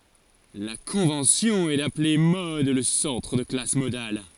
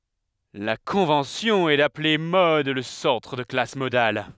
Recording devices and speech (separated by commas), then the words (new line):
forehead accelerometer, headset microphone, read sentence
La convention est d'appeler mode le centre de la classe modale.